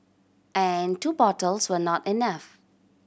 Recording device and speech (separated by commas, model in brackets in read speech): boundary microphone (BM630), read sentence